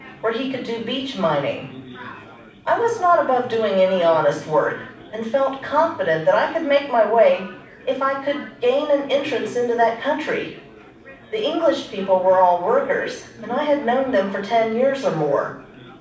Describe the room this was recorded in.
A mid-sized room (about 5.7 m by 4.0 m).